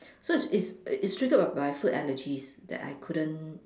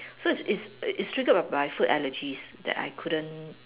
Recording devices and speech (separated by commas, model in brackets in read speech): standing microphone, telephone, conversation in separate rooms